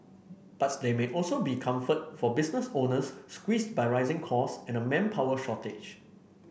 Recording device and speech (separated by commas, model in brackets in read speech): boundary microphone (BM630), read sentence